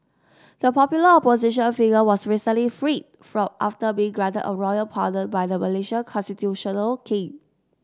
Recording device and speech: standing microphone (AKG C214), read sentence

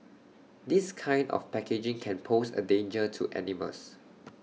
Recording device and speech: mobile phone (iPhone 6), read sentence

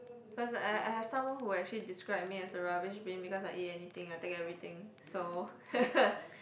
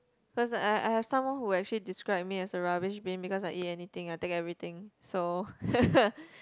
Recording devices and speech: boundary microphone, close-talking microphone, conversation in the same room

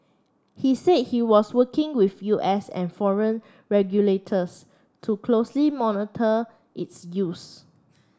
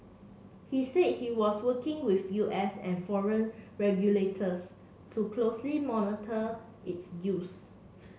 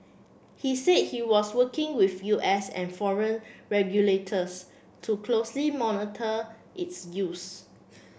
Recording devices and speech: standing microphone (AKG C214), mobile phone (Samsung C7), boundary microphone (BM630), read sentence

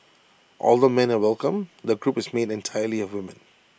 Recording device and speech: boundary microphone (BM630), read sentence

